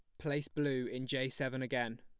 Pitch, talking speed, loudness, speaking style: 130 Hz, 200 wpm, -37 LUFS, plain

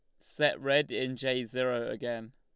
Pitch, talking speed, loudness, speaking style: 130 Hz, 165 wpm, -31 LUFS, Lombard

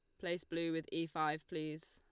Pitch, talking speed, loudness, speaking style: 165 Hz, 210 wpm, -40 LUFS, Lombard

